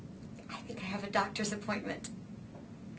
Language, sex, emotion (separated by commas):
English, female, fearful